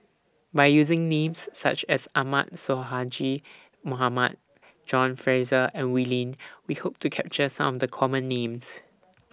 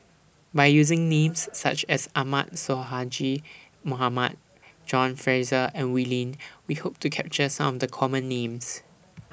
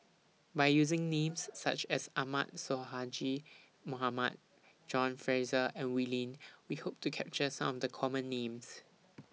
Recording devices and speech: standing microphone (AKG C214), boundary microphone (BM630), mobile phone (iPhone 6), read sentence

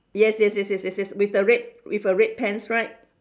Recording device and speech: standing microphone, conversation in separate rooms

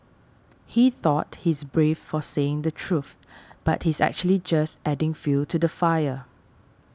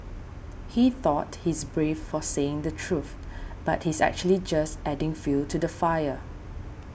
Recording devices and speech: standing microphone (AKG C214), boundary microphone (BM630), read sentence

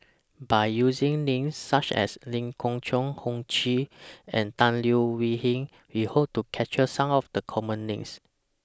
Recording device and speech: standing microphone (AKG C214), read sentence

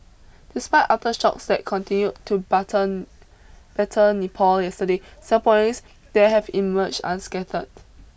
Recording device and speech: boundary microphone (BM630), read sentence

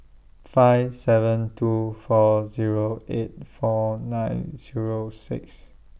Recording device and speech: boundary microphone (BM630), read sentence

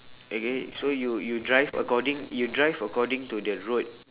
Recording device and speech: telephone, conversation in separate rooms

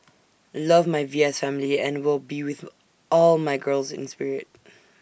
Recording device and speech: boundary microphone (BM630), read sentence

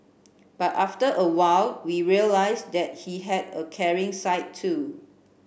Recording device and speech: boundary microphone (BM630), read sentence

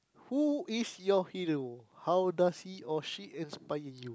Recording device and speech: close-talking microphone, conversation in the same room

